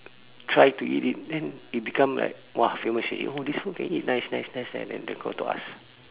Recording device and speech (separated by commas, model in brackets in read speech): telephone, conversation in separate rooms